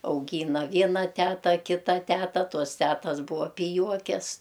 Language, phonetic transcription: Lithuanian, auˈgyna ˈviena ˈteta ˈkita ˈteta ˈtos ˈtetas ˈbūa piˈjuokes

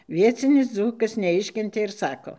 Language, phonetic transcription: Lithuanian, ˈviecinis ˈdzūkas neˈiškentė ir ˈsako

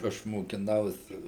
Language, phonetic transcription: Lithuanian, ˈaš mokiˈnausi

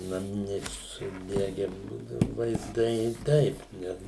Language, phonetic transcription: Lithuanian, naˈminiai suˈdege ˈbūdau vaizˈdai ˈtaip ˈne

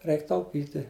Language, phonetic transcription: Lithuanian, ˈreik tauˈpyti

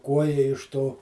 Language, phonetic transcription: Lithuanian, ˈkuoja iš ˈto

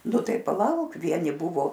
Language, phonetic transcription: Lithuanian, ˈnu ˈtai paˈlauk ˈvieni ˈbuvo

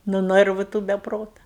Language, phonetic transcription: Lithuanian, nu ˈnɜrvu tų be ˈprota

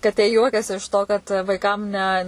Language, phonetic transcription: Lithuanian, kaˈtė ˈjuokias iš to kad vaiˈkam ne

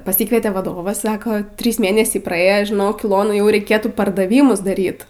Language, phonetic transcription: Lithuanian, paˈsykvietė vaˈdovas ˈsako ˈtrys ˈmėnesiai praˈėjo žiˈnok iˈlona ˈjau reiˈkėtų pardaˈvymus daˈryt

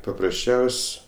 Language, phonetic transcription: Lithuanian, paprasˈčiaus'

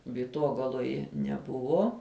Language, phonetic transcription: Lithuanian, vyˈtogaloje neˈbuvo

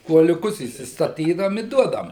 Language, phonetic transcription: Lithuanian, kuoliuˈkus įstaˈtydavom i ˈduodavam

